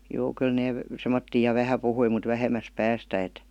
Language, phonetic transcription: Finnish, 'juu kyl 'nee , "semmottii ja 'vähä 'puhui mut "vähemäs 'päästä et .
- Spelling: juu kyllä ne semmoisia ja vähän puhui mutta vähemmästä päästä että

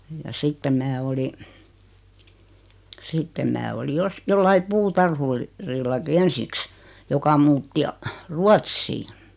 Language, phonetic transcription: Finnish, ja 'sittem mää oli , 'sittem mää oli 'jos- , 'jollai "puutarhur- , -'rillaki "ensìks , joka 'muutti a- , "Ruatssiiⁿ .
- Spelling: ja sitten minä olin sitten minä olin - jollakin - puutarhurillakin ensiksi joka muutti - Ruotsiin

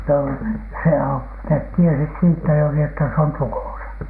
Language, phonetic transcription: Finnish, no , se o- , net 'tiesit "siittä juuri että 'se on "tukòsa .
- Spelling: no se - ne tiesivät siitä juuri että se on tukossa

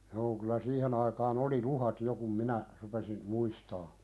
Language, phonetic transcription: Finnish, joo kylä 'siihen ‿aikaan ‿oli "luhat jo kum 'minä , 'rupesin , "muistaa .
- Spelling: joo kyllä siihen aikaan oli luhdat jo kun minä rupesin muistamaan

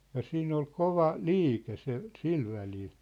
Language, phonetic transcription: Finnish, ja 'siin ‿ol 'kova , 'liike se , 'sil välil .
- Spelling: ja siinä oli kova liike se sillä välillä

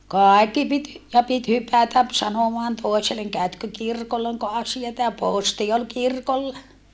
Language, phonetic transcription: Finnish, kàikki pit , ja pit hypätäp , sanomaan tòi̮seleŋ » käötkö kirkolla oŋko asiata » ja pòsti ol kirkolla .
- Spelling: kaikki piti ja piti hypätä sanomaan toiselle käytkö kirkolla onko asiaa ja posti oli kirkolla

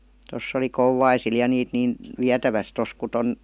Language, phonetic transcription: Finnish, 'toss ‿oli 'Kouwaisil ja 'niit 'niin , "viätäväs 'tos ku 'ton ,.
- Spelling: tuossa oli Kouvaisilla ja niitä niin vietävästi tuossa kun tuon

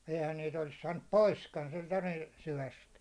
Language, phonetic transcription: Finnish, 'eihän niit ‿olis saannup "poiskan sentä niin̬ , 'syväst .
- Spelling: eihän niitä olisi saanut poiskaan sentään niin syvästä

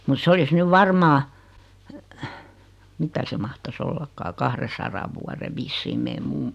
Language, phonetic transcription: Finnish, mut 's ‿olis 'nyv "varmaa , 'mitä se mahtas 'ollakkaa 'kahresaraᵛ vuare 'vissiim 'mee "mummᴜ .
- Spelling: mutta se olisi nyt varmaan mitä se mahtaisi ollakaan kahdensadan vuoden vissiin meidän mummo

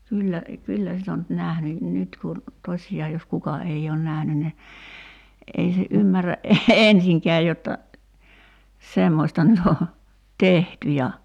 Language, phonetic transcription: Finnish, 'kyyllä , 'kyllä sit ‿o nyt 'nähny , 'nyt kun , 'tośi₍aa jos 'kuka ei oon "nähny ni , '’ei se '’ymmärä "’ensiŋkɛä jotta , 'semmośta nyt ‿o , "tehty ja ,.
- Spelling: kyllä kyllä sitä on nyt nähnyt nyt kun tosiaan jos kuka ei ole nähnyt niin ei se ymmärrä ensinkään jotta semmoista nyt on tehty ja

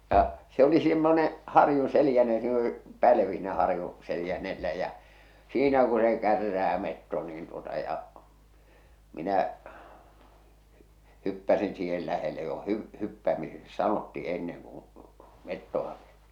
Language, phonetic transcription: Finnish, ja , se oli simmone , 'harjuṵ 'selⁱjänne , ja siin oli 'pälᵃ̈vi siinä 'harju , 'seljänn̳e̳llä jä , 'siinä ku se "kärrää 'metto niin tuota ja , 'minä , 'hyppäsin siihel 'lähele jo 'hy- , 'hyppämiseksi "sanotti enneŋ kuṵ , 'mettoᵛa pʏʏ- .
- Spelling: ja se oli semmoinen harjun seljänne ja siinä oli pälvi siinä harjun seljänteellä ja siinä kun se kärrää metso niin tuota ja minä hyppäsin siihen lähelle jo - hyppäämiseksi sanottiin ennen kun metsoa -

